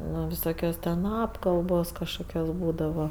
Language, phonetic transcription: Lithuanian, ˈno viˈsokios ten ˈapkalbos kažˈkokios ˈbūdava

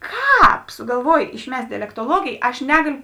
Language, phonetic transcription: Lithuanian, ˈkāp sugalˈvuoj išˈmest' dialektoˈluogėj aš ˈnegaliu

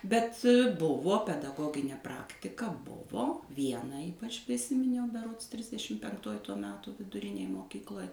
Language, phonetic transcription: Lithuanian, bet ˈbuvo pedaˈgoginė ˈpraktika ˈbuvo ˈviena ˈypač priˈsiminiau beˈrods ˈtrisdešim penkˈtoj ˈto ˈmeto viduˈrinėj moˈkykloj

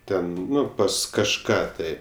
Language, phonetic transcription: Lithuanian, ˈten ˈnu pas kažˈką tai

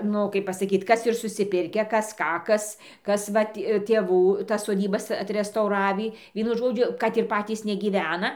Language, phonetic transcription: Lithuanian, ˈnu kaip pasaˈkyt ˈkas ir susiˈpirkę ˈkas ˈką ˈkas ˈkas ˈvat tėˈvų tas soˈdybas atrestauˈravį ˈvienu ˈžodžiu kad ir ˈpatys negyˈvena

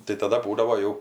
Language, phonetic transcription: Lithuanian, tai taˈda ˈbūdavo ˈjau

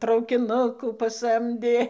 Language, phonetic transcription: Lithuanian, traukiˈnukų paˈsamdė

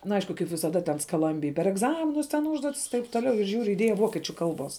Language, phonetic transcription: Lithuanian, na ˈaišku kaip visaˈda ten skaˈlambij per egˈzaminus ten ˈūžduotis i taip toˈliau ir ˈžiūriu iˈdieja ˈvokiečiu ˈkalˌbuos

